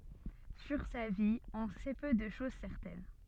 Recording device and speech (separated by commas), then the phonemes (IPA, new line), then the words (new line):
soft in-ear microphone, read sentence
syʁ sa vi ɔ̃ sɛ pø də ʃoz sɛʁtɛn
Sur sa vie, on sait peu de choses certaines.